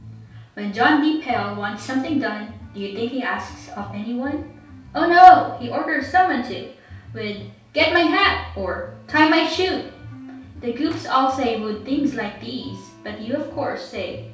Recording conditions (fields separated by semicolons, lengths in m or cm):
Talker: one person; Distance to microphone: 3.0 m; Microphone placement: far; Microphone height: 1.8 m; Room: small (3.7 m by 2.7 m); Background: music